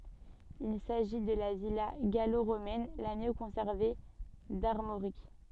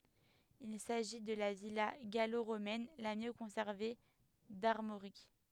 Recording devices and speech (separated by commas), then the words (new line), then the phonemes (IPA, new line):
soft in-ear microphone, headset microphone, read sentence
Il s'agit de la villa gallo-romaine la mieux conservée d'Armorique.
il saʒi də la vila ɡalo ʁomɛn la mjø kɔ̃sɛʁve daʁmoʁik